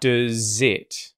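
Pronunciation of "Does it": The vowel in 'does' is reduced to a schwa, and the z sound at the end of 'does' links to the vowel at the start of 'it'.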